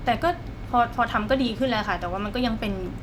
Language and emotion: Thai, neutral